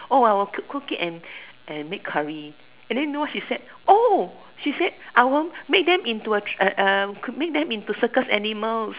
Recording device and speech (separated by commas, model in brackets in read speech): telephone, conversation in separate rooms